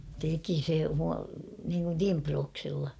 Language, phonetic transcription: Finnish, 'teki se mu- niiŋkun "timprooksᴉlla .
- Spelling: teki se - niin kuin timprauksilla

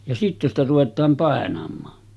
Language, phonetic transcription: Finnish, ja 'sitte ‿stä ruvet̆taam 'pàenam̆maa .
- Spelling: ja sitten sitä ruvetaan painamaan

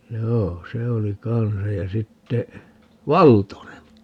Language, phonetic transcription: Finnish, 'joo , "se oli 'kansaj ja 'sitte , "Valtone .
- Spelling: joo se oli kanssa ja sitten Valtonen

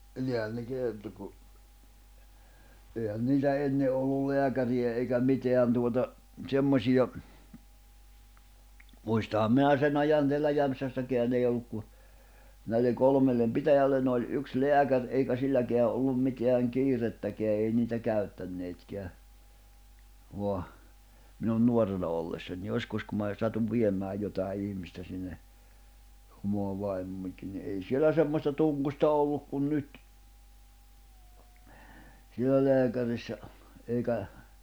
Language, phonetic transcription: Finnish, 'nihän ne 'kerto ku , èihän 'niitä "enne ollul "leäkäri₍ä eikä "miteän tuota , 'ᵗsemmośiʲa , muistaham 'minä sen'ⁿ ‿ajan teällä 'Jämᵖsässäkeän ‿ei olluk ku , näilleŋ 'kolmellem "pitäjällen ‿oĺ '’yks "leäkär , eikä 'silläkeä ’ollum 'miteäŋ "kiirettäkeä ei niitä 'käy̬ttänneetkeä , voa , minun 'nuorena ollessań 'joskus ku mää , satuv 'viem̀ää jotài̬ 'ihmistä sinne , omoa 'vaimmoońkin ni ’ei 'sielä semmosta 'tunɢo̭sta 'olluk kun 'nyt , siellä 'leäkärissä , eikä ,.
- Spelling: niinhän ne kertoi kun eihän niitä ennen ollut lääkäriä eikä mitään tuota semmoisia muistanhan minä sen ajan täällä Jämsässäkään ei ollut kuin näille kolmelle pitäjälle oli yksi lääkäri eikä silläkään ollut mitään kiirettäkään ei niitä käyttäneetkään vaan minun nuorena ollessani joskus kun minä satuin viemään jotakin ihmistä sinne omaa vaimoanikin niin ei siellä semmoista tungosta ollut kuin nyt siellä lääkärissä eikä

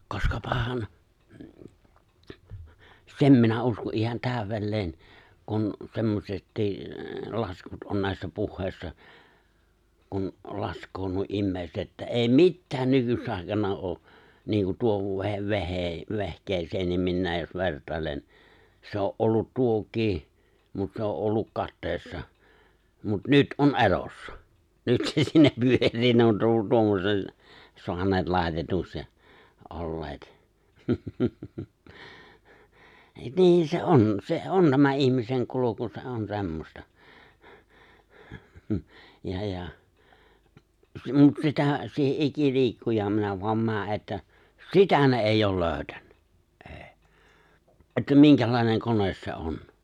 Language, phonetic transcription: Finnish, 'koskapahan , 'sem minä 'usko’ ’ihan 'tä̀ywel'leen , kun , 'semmośettii , 'laskut on nä̀i̬ssä 'puhhèissa , kun , 'lask̀oo nuo '’immèi̬set että 'èi̬ "mittään 'nykyss ‿ài̬kana oo , niiŋku tuo 've̬- 've̬hee- 've̬hk̀eeseennim minnäej jos 'vert̀ài̬len , 'se o’ ’ollut 'tuok̀ii , mut 'se o’ ’olluk 'kattèissa , mut 'nyt '’on '’elossa , 'nyt se siinä 'pyör̀ii ne on ru- , 'tuommosen , 'soańeet 'lài̬tetuks ja , '’olleet , 'niin se "’on , se "’on nämä 'ihmiseŋ 'kuloku se '’on 'se̬mmosta , ja ja , mut 'sitä̀ , 'siihe , '’iki'li̬ikkujaam minä voam 'mää ’että , "sitä ne èijj ‿ool 'lööʸtännä , '’ᴇ̭ᴇ̭ , että 'miŋkälài̬neŋ 'kones se 'on .
- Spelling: koskapahan sen minä uskon ihan täydelleen kun semmoisetkin laskut on näissä puheissa kun laskee nuo ihmiset että ei mitään nykyis aikana ole niin kuin tuo - - vehkeeseenkin minä jos vertailen se on ollut tuokin mutta se on ollut kateissa mutta nyt on elossa nyt se siinä pyörii ne on - tuommoisen saaneet laitetuksi ja olleet niin se on se on nämä ihmisen kulku se on semmoista ja ja mutta sitä siihen ikiliikkujaan minä vain menen että sitä ne ei ole löytänyt ei että minkälainen kone se on

